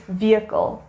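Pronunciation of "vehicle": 'Vehicle' is pronounced correctly here.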